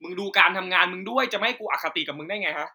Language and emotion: Thai, angry